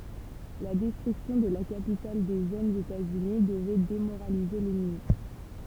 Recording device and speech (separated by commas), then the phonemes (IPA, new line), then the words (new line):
temple vibration pickup, read sentence
la dɛstʁyksjɔ̃ də la kapital de ʒønz etaz yni dəvɛ demoʁalize lɛnmi
La destruction de la capitale des jeunes États-Unis devait démoraliser l'ennemi.